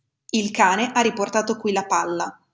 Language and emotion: Italian, neutral